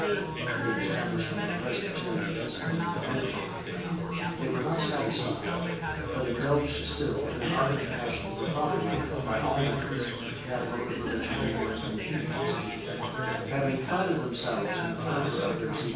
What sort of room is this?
A large room.